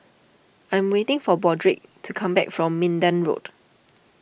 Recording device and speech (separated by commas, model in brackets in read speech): boundary microphone (BM630), read sentence